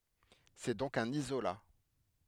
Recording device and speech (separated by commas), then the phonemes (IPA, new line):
headset microphone, read sentence
sɛ dɔ̃k œ̃n izola